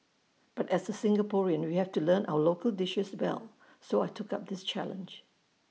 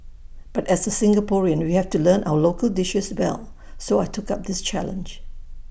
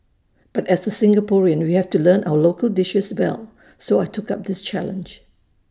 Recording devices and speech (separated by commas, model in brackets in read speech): mobile phone (iPhone 6), boundary microphone (BM630), standing microphone (AKG C214), read sentence